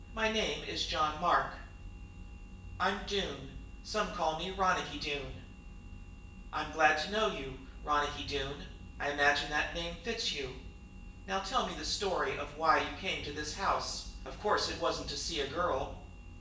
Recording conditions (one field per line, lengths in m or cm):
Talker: one person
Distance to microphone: 1.8 m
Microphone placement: close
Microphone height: 1.0 m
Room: large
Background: none